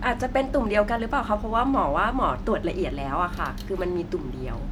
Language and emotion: Thai, neutral